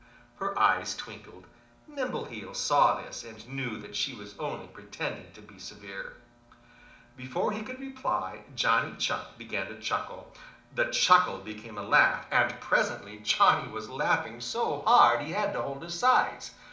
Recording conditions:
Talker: one person; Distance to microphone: 2.0 m; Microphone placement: close; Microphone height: 99 cm; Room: medium-sized (5.7 m by 4.0 m); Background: television

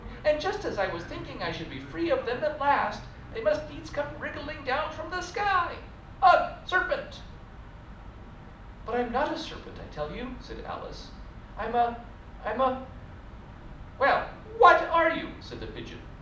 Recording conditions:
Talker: one person; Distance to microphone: 2.0 m; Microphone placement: close; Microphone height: 99 cm; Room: medium-sized (5.7 m by 4.0 m); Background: television

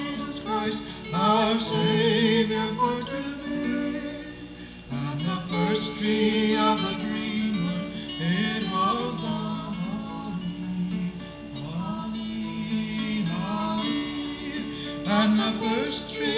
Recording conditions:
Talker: no one; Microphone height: 1.1 m; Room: very reverberant, large; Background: music

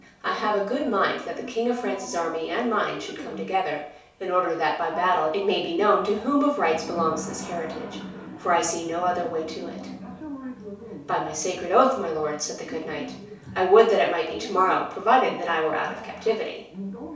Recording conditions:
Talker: one person; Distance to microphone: 3.0 m; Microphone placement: far; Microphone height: 1.8 m; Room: small (3.7 m by 2.7 m); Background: television

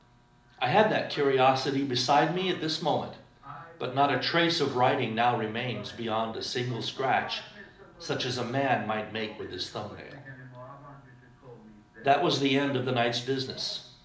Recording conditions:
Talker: one person; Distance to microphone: 2.0 m; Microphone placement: close; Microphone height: 99 cm; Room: medium-sized (5.7 m by 4.0 m); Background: television

